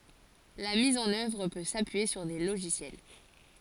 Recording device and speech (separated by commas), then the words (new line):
forehead accelerometer, read sentence
La mise en œuvre peut s'appuyer sur des logiciels.